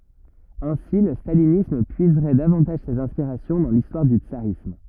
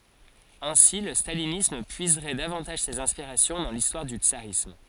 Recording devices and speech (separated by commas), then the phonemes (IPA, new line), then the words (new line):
rigid in-ear microphone, forehead accelerometer, read sentence
ɛ̃si lə stalinism pyizʁɛ davɑ̃taʒ sez ɛ̃spiʁasjɔ̃ dɑ̃ listwaʁ dy tsaʁism
Ainsi, le stalinisme puiserait davantage ses inspirations dans l'histoire du tsarisme.